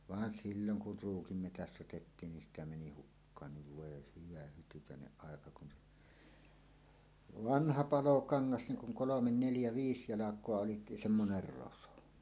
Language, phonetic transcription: Finnish, vaan 'silloŋ kur 'Ruukim metäst ‿otettiin nin 'sitä 'meni "hukkaanniv "vòe 'hyvä hytykä̀eneˀ ˀàeka kun , "vanha "palokaŋŋas niŋ kuŋ "kolomen 'neljä 'viis 'jalak̀oa olit "semmoner 'roso .
- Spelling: vaan silloin kun Ruukin metsästä otettiin niin sitä meni hukkaankin voi hyvä hytykäinen aika kun vanha palokangas niin kun kolme neljä viis jalkaa oli semmoinen roso

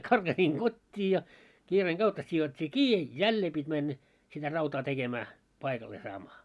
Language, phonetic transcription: Finnish, karɢasiiŋ "ɢot́t́ii ja , 'kiireeŋ 'ɢautta sijot́t́ii "kii , "jällee pit́ männä , sitä 'rautaa 'tekemää , 'paikallee saamaa .
- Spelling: karkasin kotiin ja kiireen kautta sidottiin kiinni jälleen piti mennä sitä rautaa tekemään paikalleen saamaan

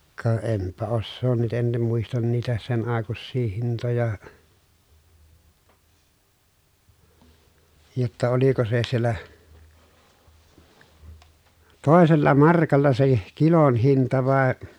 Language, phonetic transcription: Finnish, ka empä ossoon nyt ‿en (nim) muistan niitä sen àekussii hintoja , jotta oliko se siellä , tòesella markalla se , kilon hinta vàe ,.
- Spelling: ka enpä osaa nyt en niin muista niitä sen aikuisia hintoja jotta oliko se siellä toisella markalla se kilon hinta vai

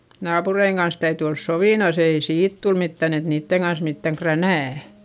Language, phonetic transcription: Finnish, naapureiŋ kans täyty ols sovìnos ‿ei siit tul mittän ‿et niitteŋ Gans mittäŋ kränä̀ .¨'
- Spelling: naapureiden kanssa täytyy olla sovinnossa ei siitä tule mitään että niiden kanssa mitään kränää

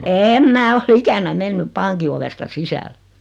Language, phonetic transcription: Finnish, 'eem 'mää o"l ‿ikänä 'mennyp "paŋki ovesta 'sisäl .
- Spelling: en minä ole ikänä mennyt pankin ovesta sisälle

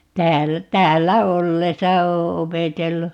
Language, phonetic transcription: Finnish, 'täällä , 'täällä "ollesa 'oo "opetellu .
- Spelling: täällä täällä ollessa olen opetellut

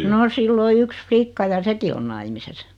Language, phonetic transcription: Finnish, no 'sill ‿o 'yks "flikka ja "seki on 'naimises .
- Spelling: no sillä on yksi likka ja sekin on naimisissa

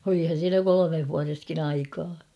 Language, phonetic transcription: Finnish, olihan̬ 'siinä "kolomeh vua-reskin ‿"aikaa .
- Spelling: olihan siinä kolmessa vuodessakin aikaa

